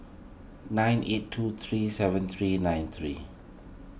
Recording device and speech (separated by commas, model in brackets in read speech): boundary microphone (BM630), read sentence